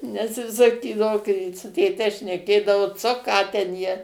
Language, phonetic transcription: Lithuanian, nes ˈjis saˈkydavo kai su tėˈte šneˈkėdavo ˈco ˈką ten ˈjie

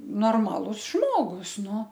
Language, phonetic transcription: Lithuanian, norˈmalus ˈžmogus ˈnu

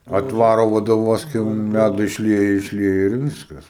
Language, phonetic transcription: Lithuanian, atˈvaro vodoˈvozke un ˈlædo išˈlieja išˈlieja ir ˈviskas

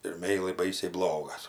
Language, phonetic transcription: Lithuanian, ir ˈmeilai ˈbaisiai ˈblogas

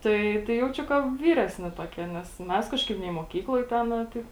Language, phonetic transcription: Lithuanian, ˈtai tai ˈjaučiu ka ˈvyresni toˈkie nes ˈmes ˈkažˌkaip nei muoˈkykloj ˈtenā ˈtaip

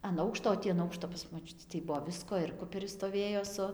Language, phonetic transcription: Lithuanian, an ˈaukšto o ˈtį an ˈaukšto pas moˈčiutį tai ˈbuvo ˈvisko ir ˈkuperis stoˈvėjo su

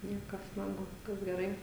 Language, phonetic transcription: Lithuanian, ˈniekas ˈman ˈbuvo ˈviskas geˈrai

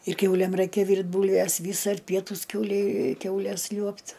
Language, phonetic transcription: Lithuanian, ir ˈkiaulėm ˈraikia ˈvyrt' ˈbūlves ˈvys ar ˈpietūs ˈkiaulei ˈkiaules ˈliuobt

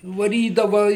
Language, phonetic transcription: Lithuanian, vaˈrydava

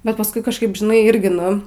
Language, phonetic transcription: Lithuanian, bet pasˈkui kažˈkaip žiˈnai ˈirgi ˈnu

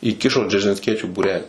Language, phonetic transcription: Lithuanian, įˈkišo džeržinsˈkiečių būˈrelį

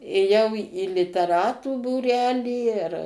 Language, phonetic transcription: Lithuanian, ėˈjau į liteˈratų būˈrelį ir

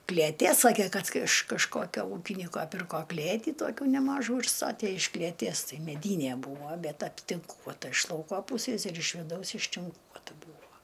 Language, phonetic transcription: Lithuanian, klėˈtė ˈsakė ˈkad iš kažˈkokio ˈūkinyko ˈpirko ˈklėtį ˈtokių neˈmažų ir ˈstatė iš klėˈties ˈtai meˈdynie ˈbūvo ˈbet aptinˈkuota iš ˈlauko ˈpūsės ir iš viˈdaus ištinˈkuota ˈbūvo

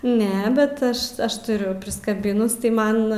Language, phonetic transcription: Lithuanian, ˈne ˈbet ˈaš ˈaš tuˈriu priskaˈbinus tai ˈman

